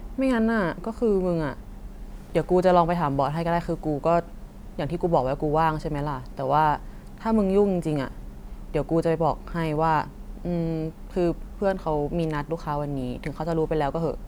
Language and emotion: Thai, frustrated